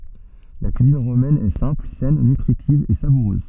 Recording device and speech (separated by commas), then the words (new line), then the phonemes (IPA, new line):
soft in-ear microphone, read sentence
La cuisine romaine est simple, saine, nutritive et savoureuse.
la kyizin ʁomɛn ɛ sɛ̃pl sɛn nytʁitiv e savuʁøz